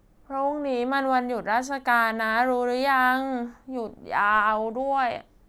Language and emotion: Thai, frustrated